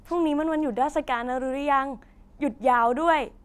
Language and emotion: Thai, happy